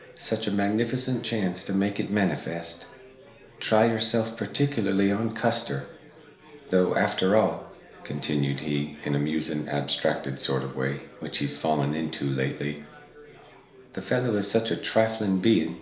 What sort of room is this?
A compact room (about 3.7 m by 2.7 m).